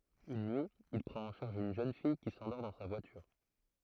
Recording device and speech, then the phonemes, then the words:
throat microphone, read sentence
yn nyi il pʁɑ̃t ɑ̃ ʃaʁʒ yn ʒøn fij ki sɑ̃dɔʁ dɑ̃ sa vwatyʁ
Une nuit, il prend en charge une jeune fille qui s'endort dans sa voiture.

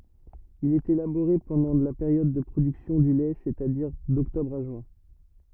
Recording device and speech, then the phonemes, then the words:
rigid in-ear microphone, read sentence
il ɛt elaboʁe pɑ̃dɑ̃ la peʁjɔd də pʁodyksjɔ̃ dy lɛ sɛstadiʁ dɔktɔbʁ a ʒyɛ̃
Il est élaboré pendant la période de production du lait c'est-à-dire d'octobre à juin.

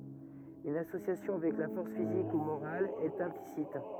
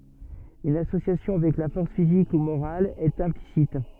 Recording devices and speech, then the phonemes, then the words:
rigid in-ear microphone, soft in-ear microphone, read sentence
yn asosjasjɔ̃ avɛk la fɔʁs fizik u moʁal ɛt ɛ̃plisit
Une association avec la force physique ou morale est implicite.

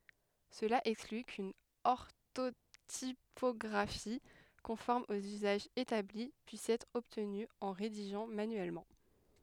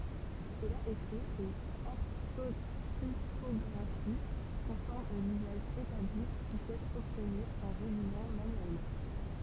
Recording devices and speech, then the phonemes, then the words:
headset microphone, temple vibration pickup, read sentence
səla ɛkskly kyn ɔʁtotipɔɡʁafi kɔ̃fɔʁm oz yzaʒz etabli pyis ɛtʁ ɔbtny ɑ̃ ʁediʒɑ̃ manyɛlmɑ̃
Cela exclut qu’une orthotypographie conforme aux usages établis puisse être obtenue en rédigeant manuellement.

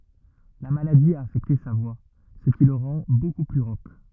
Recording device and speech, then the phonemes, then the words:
rigid in-ear microphone, read sentence
la maladi a afɛkte sa vwa sə ki lə ʁɑ̃ boku ply ʁok
La maladie a affecté sa voix, ce qui le rend beaucoup plus rauque.

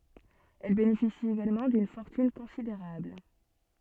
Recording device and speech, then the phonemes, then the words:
soft in-ear microphone, read sentence
ɛl benefisi eɡalmɑ̃ dyn fɔʁtyn kɔ̃sideʁabl
Elle bénéficie également d'une fortune considérable.

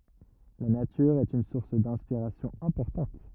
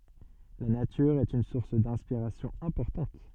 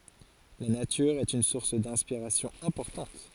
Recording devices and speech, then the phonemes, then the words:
rigid in-ear microphone, soft in-ear microphone, forehead accelerometer, read sentence
la natyʁ ɛt yn suʁs dɛ̃spiʁasjɔ̃ ɛ̃pɔʁtɑ̃t
La nature est une source d'inspiration importante.

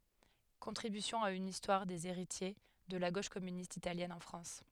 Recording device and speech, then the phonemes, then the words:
headset microphone, read sentence
kɔ̃tʁibysjɔ̃ a yn istwaʁ dez eʁitje də la ɡoʃ kɔmynist italjɛn ɑ̃ fʁɑ̃s
Contribution à une histoire des héritiers de la Gauche communiste italienne en France.

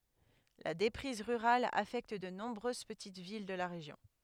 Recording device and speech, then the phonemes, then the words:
headset microphone, read sentence
la depʁiz ʁyʁal afɛkt də nɔ̃bʁøz pətit vil də la ʁeʒjɔ̃
La déprise rurale affecte de nombreuses petites villes de la région.

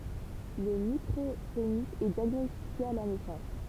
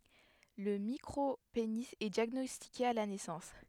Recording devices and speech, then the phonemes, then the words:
temple vibration pickup, headset microphone, read sentence
lə mikʁopeni ɛ djaɡnɔstike a la nɛsɑ̃s
Le micropénis est diagnostiqué à la naissance.

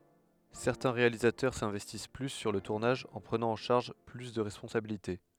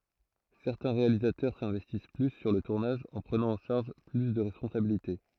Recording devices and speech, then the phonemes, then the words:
headset microphone, throat microphone, read sentence
sɛʁtɛ̃ ʁealizatœʁ sɛ̃vɛstis ply syʁ lə tuʁnaʒ ɑ̃ pʁənɑ̃ ɑ̃ ʃaʁʒ ply də ʁɛspɔ̃sabilite
Certains réalisateurs s'investissent plus sur le tournage en prenant en charge plus de responsabilités.

